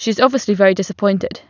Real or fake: real